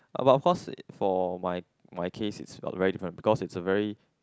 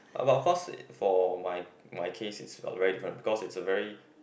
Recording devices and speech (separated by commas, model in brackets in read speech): close-talking microphone, boundary microphone, conversation in the same room